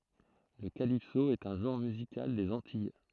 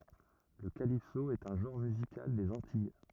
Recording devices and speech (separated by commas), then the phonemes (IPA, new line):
throat microphone, rigid in-ear microphone, read sentence
lə kalipso ɛt œ̃ ʒɑ̃ʁ myzikal dez ɑ̃tij